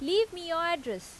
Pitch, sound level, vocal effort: 335 Hz, 90 dB SPL, very loud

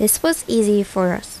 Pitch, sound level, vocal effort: 210 Hz, 80 dB SPL, normal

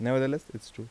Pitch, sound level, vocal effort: 120 Hz, 83 dB SPL, soft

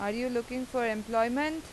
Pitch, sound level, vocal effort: 245 Hz, 89 dB SPL, loud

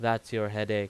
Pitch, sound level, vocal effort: 105 Hz, 89 dB SPL, normal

